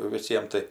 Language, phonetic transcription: Lithuanian, viˈsiem tai

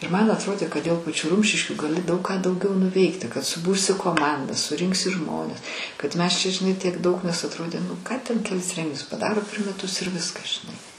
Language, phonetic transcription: Lithuanian, ir man atˈrodė kad dėl paˈčių ˈrumšiškių gaˈli daug ką dauˈgiau nuˈveikti kad suˈbursi koˈmandą suˈrinksi ˈžmones kad ˈmes čia žiˈnai tiek ˈdaug nes atˈrodė nu ˈką ten keˈlis ˈrenginius paˈdaro per meˈtus ir ˈviskas žiˈnai

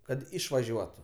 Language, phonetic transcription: Lithuanian, ˈkad ˈišvažiuotu

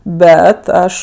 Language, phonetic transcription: Lithuanian, ˈbet ˈaš

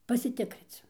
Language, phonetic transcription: Lithuanian, pasiˈtikric

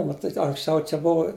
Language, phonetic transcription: Lithuanian, maˈtyt' anksˈčiau čia ˈbuva

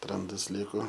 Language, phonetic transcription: Lithuanian, ˈrandas ˈliko

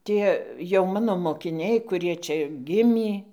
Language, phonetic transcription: Lithuanian, ˈtie jau ˈmano mokiˈniai kuˈrie ˈčia ˈgimį

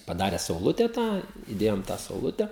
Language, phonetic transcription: Lithuanian, paˈdare sauˈlute ˈtą iˈdėjom tą sauˈlute

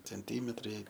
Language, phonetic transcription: Lithuanian, cenˈtymetrai

